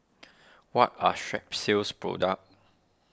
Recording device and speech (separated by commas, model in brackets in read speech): standing microphone (AKG C214), read sentence